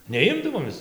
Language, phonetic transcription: Lithuanian, neˈimdavom ˈmes

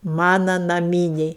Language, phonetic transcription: Lithuanian, ˈmana naˈmyniai

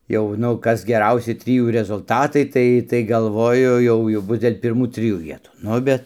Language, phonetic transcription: Lithuanian, ˈjau nu ˈkas geˈrausi ˈtrijų rezulˈtatai ˈtai ˈtai galˈvoju ˈjau jau ˈbus dėl' pirˈmų ˈtrijų ˈvietų ˈnu bet

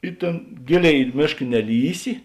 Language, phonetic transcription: Lithuanian, i ˈtėn ˈgėˌlėi i ˈmėšk neˈlįsi

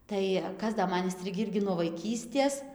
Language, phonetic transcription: Lithuanian, ˈtai ˈkas da ˈman inˈstrigį ˈirgi nuo vaiˈkystės

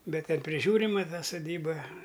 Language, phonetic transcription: Lithuanian, ˈbet ˈten priˈžiūrima ta suˈdyba

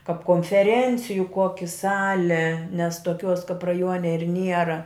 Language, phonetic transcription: Lithuanian, kap konfeˈrenciju ˈkoki ˈsali nes toˈkiuos kap raˈjuone ir ˈniera

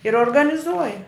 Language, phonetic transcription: Lithuanian, ir organiˈzuoja

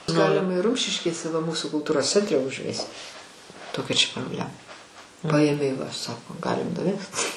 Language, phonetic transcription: Lithuanian, ˈgalima ir ˈrumšiškėse va ˈmūsu kulˈtūros ˈcentre užˈvesiu ˈtokia čia probˈlema ˈpaėmei va ˈsako ˈgalim nuˈvest

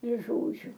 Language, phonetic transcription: Lithuanian, ir ˈžodžiu

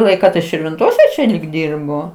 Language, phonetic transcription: Lithuanian, ˈlaiką tai širvinˈtose čia lyg ˈdirbo

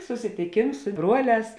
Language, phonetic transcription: Lithuanian, susitiˈkėms su ˈbruoˌlēs

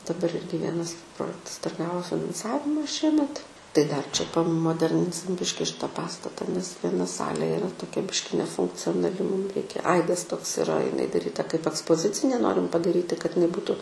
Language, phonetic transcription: Lithuanian, daˈbar ˈirgi ˈvienas ˈprojektas dar ˈgavo finanˈsavima ˈšiemet tai dar čia pamoˈderninsim ˈbiški ˈšita ˈpastata nes vieˈna ˈsalė iˈra toˈkia ˈbiški nefunkcionaˈli mūm ˈreikia ˈaidas toks iˈra iˈnai daˈryta kaip akspoˈzicinė ˈnorim padaˈryti kad iˈnai ˈbūtu

